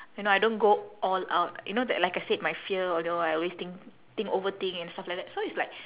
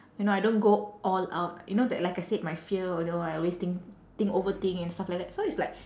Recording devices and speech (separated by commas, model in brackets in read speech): telephone, standing microphone, conversation in separate rooms